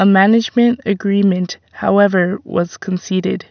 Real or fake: real